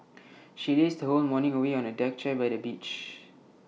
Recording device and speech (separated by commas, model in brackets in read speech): mobile phone (iPhone 6), read sentence